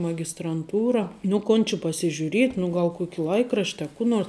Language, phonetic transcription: Lithuanian, magistranˈtūra nu ˈkon či pasižiuˈriet' nu ˈgal ˈkuoki ˈlaikrašt' a ˈkų nors

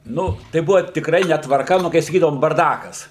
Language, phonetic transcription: Lithuanian, ˈnu tai ˈbuva tikˈrai netvarˈka ˈnu kai saˈkydavom barˈdakas

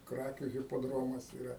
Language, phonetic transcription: Lithuanian, ˈkrakių hipoˈdromas iˈra

